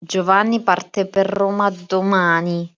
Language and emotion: Italian, disgusted